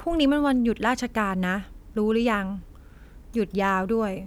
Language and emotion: Thai, frustrated